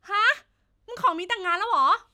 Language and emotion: Thai, happy